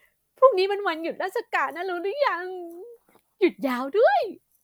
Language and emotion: Thai, happy